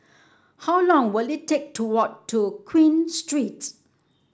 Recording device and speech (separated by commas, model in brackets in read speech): standing microphone (AKG C214), read sentence